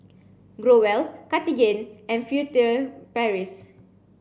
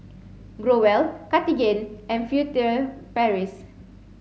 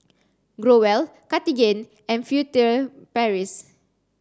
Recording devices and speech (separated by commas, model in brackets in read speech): boundary microphone (BM630), mobile phone (Samsung C7), standing microphone (AKG C214), read sentence